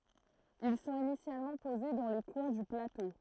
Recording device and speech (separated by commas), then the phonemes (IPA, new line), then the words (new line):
throat microphone, read sentence
il sɔ̃t inisjalmɑ̃ poze dɑ̃ le kwɛ̃ dy plato
Ils sont initialement posés dans les coins du plateau.